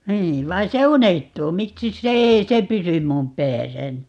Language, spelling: Finnish, niin vaan se unohtuu miksi se ei se pysy minun päässäni
- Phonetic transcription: 'nii , 'vai se "unehtuu - 'miksis se 'ei se "pysym mum 'pääsäni ?

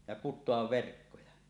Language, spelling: Finnish, ja kutoa verkkoja
- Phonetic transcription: ja 'kut̆toav 'verkkoja .

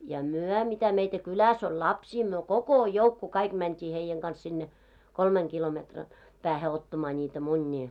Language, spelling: Finnish, ja me mitä meitä kylässä oli lapsia me koko joukko kaikki mentiin heidän kanssa sinne kolmen kilometrin päähän ottamaan niitä munia
- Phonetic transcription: ja "muɔ̈ mitä meitä "kyläs oĺ "lapsii , myö "koko 'joukku 'kaik mänt́ii heijeŋ ɢans sinne , 'kolmeŋ kilometran , 'päähe ottamaa ńiitä 'muńńii .

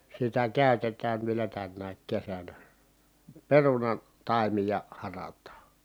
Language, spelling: Finnish, sitä käytetään vielä tänä kesänä perunan taimia harataan
- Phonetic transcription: sitä kä̀ytetään vielä tännääk kesänä , perunan- , -taimija , harat̀aa .

